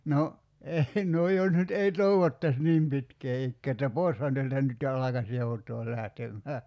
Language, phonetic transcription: Finnish, 'no , 'ei no 'jos nyt 'ei "toevottas 'niim pitkee 'ikkee että "poi̬shan 'teältä nyt jo 'alakas 'joutoo 'lähtemmää .
- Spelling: no ei no jos nyt ei toivottaisi niin pitkää ikää että poishan täältä nyt jo alkaisi joutaa lähtemään

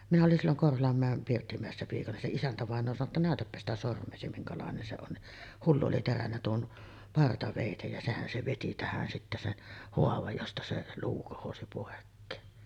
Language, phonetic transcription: Finnish, minä olin silloŋ 'Korholammä̀em 'Pirttimä̀essä piikana , se 'isäntävàeǹoo sano ‿tta » 'nä̀ötäppä sitä 'sorm̆meesi 'miŋkalàenen se on « ni , 'hullu oli terännä tuon , 'partavèitej ja 'sehän se 'veti 'tähän sittä sen , "hoavaj josta se 'luu kohosi pòekkeen .
- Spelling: minä olin silloin Korholanmäen Pirttimäessä piikana se isäntävainaja sanoi jotta näytäpä sitä sormeasi minkälainen se on niin hullu oli terännyt tuon partaveitsen ja sehän se veti tähän sitten sen haavan josta se luu kohosi pois

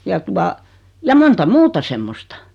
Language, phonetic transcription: Finnish, ja 'tua , ja 'monta "muuta semmostᴀ .
- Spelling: ja tuota ja monta muuta semmoista

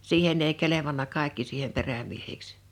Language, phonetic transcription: Finnish, 'siihen ‿ei 'kelevanna 'kàekki siihem 'perämiehiks .
- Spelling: siihen ei kelvannut kaikki siihen perämiehiksi

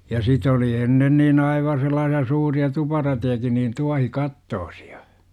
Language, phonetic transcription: Finnish, ja sit ‿oli "ennen niin 'aiva 'sel̆laasi₍a suuri₍a 'tuparatejakin niin 'tuahi'kattoosI₍A .
- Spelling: ja sitten oli ennen niin aivan sellaisia suuria tuparatejakin niin tuohikattoisia

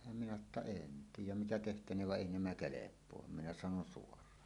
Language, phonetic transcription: Finnish, minä sano ‿tta » "en 'tiij̆jäm mitä tehtäneev va "ˀèi 'nämä "kelep̀oam « minä 'sanon ' suor̀aan .
- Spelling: minä sanoin jotta en tiedä mitä tehtäneen vaan ei nämä kelpaa minä sanoin - suoraan

